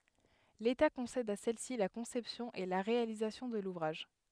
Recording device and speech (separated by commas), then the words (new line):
headset microphone, read sentence
L’État concède à celle-ci la conception et la réalisation de l’ouvrage.